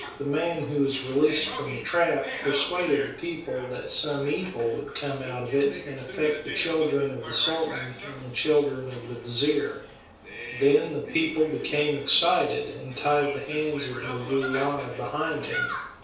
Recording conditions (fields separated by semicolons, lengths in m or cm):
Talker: one person; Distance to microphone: 3.0 m; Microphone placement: far; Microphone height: 1.8 m; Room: small (3.7 m by 2.7 m); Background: television